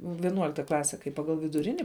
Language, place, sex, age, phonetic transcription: Lithuanian, Žemaitija, female, 18-60, viˈnuolikta ˈklase kai ˈpagal viduˈrini

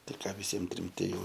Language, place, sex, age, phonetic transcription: Lithuanian, Aukštaitija, male, 18-60, ˈtai ˈką viˈsiem ˈtrim ti ˈjau

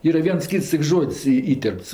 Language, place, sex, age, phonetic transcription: Lithuanian, Aukštaitija, female, 60+, ˈyra ˈviens ˈkyts tik ˈžod's' y ˈįterpts

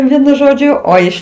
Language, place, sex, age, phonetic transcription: Lithuanian, Aukštaitija, female, 60+, ˈvienu ˈžodžiu ˈo iš

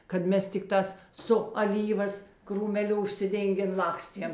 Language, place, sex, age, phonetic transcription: Lithuanian, Žemaitija, female, 60+, kad ˈmes tikˈtās su aˈlyvas krūmeˈliu užsiˈdėngėn ˈlakstiem

